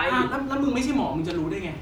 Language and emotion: Thai, frustrated